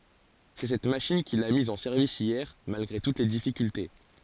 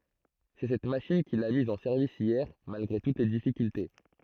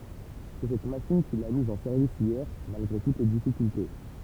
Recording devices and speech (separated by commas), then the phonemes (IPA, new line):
forehead accelerometer, throat microphone, temple vibration pickup, read sentence
sɛ sɛt maʃin kil a miz ɑ̃ sɛʁvis jɛʁ malɡʁe tut le difikylte